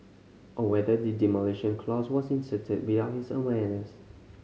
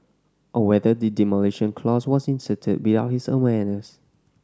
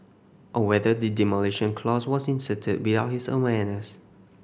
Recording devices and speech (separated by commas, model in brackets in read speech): mobile phone (Samsung C5010), standing microphone (AKG C214), boundary microphone (BM630), read sentence